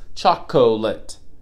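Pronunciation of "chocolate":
'Chocolate' is pronounced incorrectly here, with three syllables instead of two.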